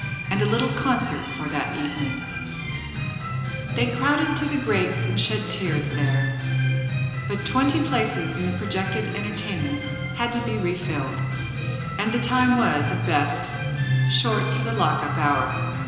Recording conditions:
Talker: one person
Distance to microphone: 1.7 m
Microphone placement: close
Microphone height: 1.0 m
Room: very reverberant, large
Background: music

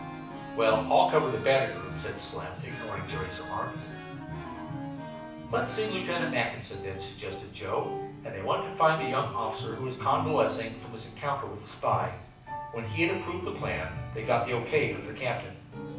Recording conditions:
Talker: one person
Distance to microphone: 5.8 m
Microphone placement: far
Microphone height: 1.8 m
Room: medium-sized (5.7 m by 4.0 m)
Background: music

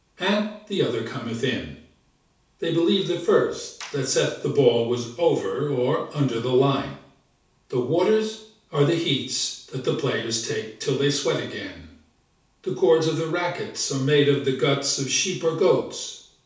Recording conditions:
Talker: one person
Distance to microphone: 3.0 m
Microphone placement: far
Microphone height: 1.8 m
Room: small (3.7 m by 2.7 m)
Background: none

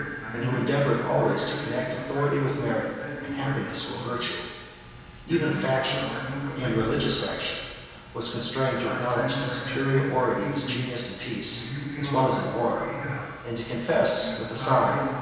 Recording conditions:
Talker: one person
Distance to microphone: 1.7 m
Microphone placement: close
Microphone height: 1.0 m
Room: very reverberant, large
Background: television

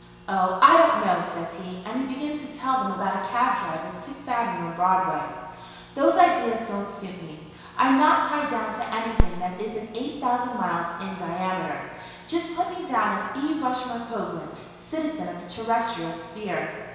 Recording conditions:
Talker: one person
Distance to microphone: 1.7 m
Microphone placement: close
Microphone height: 1.0 m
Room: very reverberant, large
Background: none

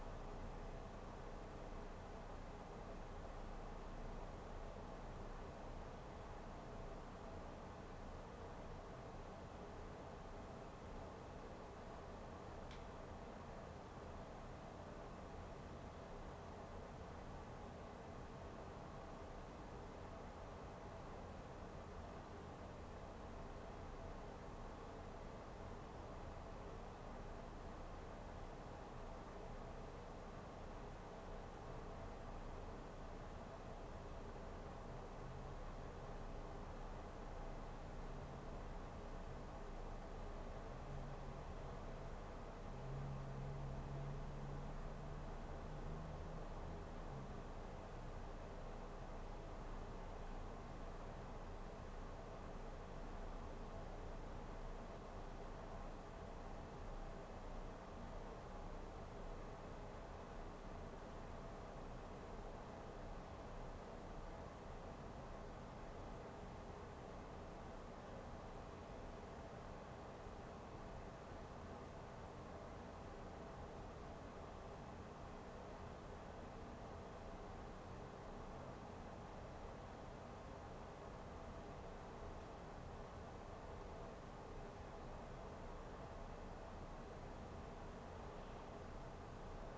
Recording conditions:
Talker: no one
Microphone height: 1.8 m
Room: small (3.7 m by 2.7 m)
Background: none

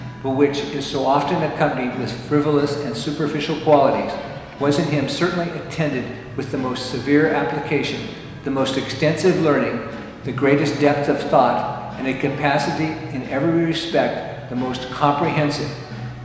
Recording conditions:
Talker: one person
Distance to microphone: 1.7 m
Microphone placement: close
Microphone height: 1.0 m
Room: very reverberant, large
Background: music

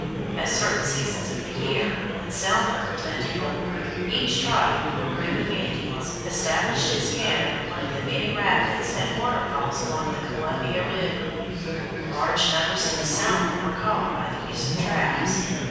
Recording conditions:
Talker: one person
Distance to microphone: 7.1 m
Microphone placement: far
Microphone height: 1.7 m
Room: very reverberant, large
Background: babble

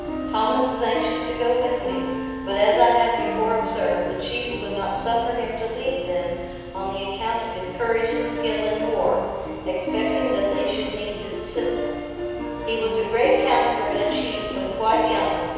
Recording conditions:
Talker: one person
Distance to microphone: 7.1 m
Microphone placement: far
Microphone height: 1.7 m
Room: very reverberant, large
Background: music

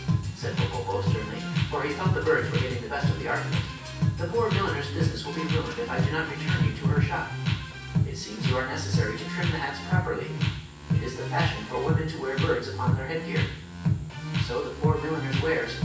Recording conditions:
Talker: one person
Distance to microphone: 9.8 m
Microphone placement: far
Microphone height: 1.8 m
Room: large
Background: music

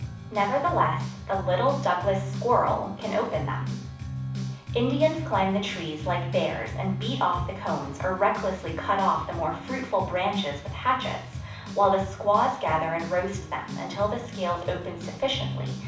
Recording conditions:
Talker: one person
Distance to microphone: 5.8 m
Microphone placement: far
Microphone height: 1.8 m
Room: medium-sized (5.7 m by 4.0 m)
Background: music

